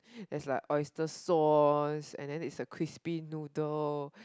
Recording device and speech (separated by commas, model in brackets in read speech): close-talking microphone, conversation in the same room